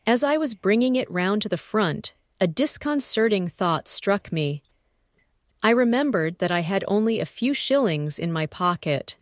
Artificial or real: artificial